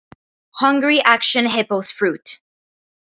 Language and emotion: English, sad